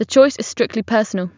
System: none